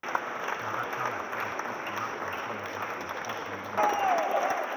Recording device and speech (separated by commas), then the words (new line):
rigid in-ear microphone, read sentence
En latin, le génitif marque, en général, le complément du nom.